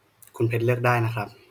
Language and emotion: Thai, neutral